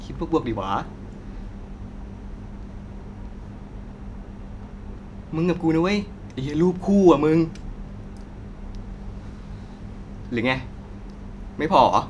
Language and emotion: Thai, frustrated